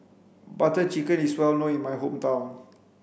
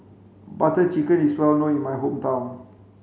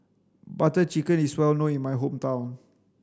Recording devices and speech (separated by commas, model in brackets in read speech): boundary microphone (BM630), mobile phone (Samsung C5), standing microphone (AKG C214), read sentence